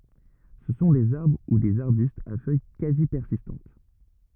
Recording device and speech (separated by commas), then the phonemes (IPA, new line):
rigid in-ear microphone, read sentence
sə sɔ̃ dez aʁbʁ u dez aʁbystz a fœj kazi pɛʁsistɑ̃t